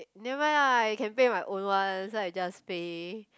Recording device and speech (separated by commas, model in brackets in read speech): close-talking microphone, conversation in the same room